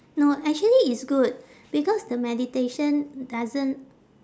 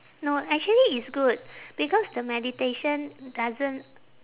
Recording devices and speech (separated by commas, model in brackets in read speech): standing microphone, telephone, conversation in separate rooms